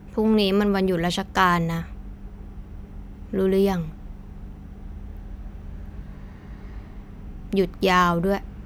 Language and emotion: Thai, frustrated